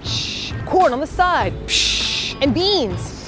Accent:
In American accent